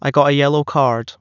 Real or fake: real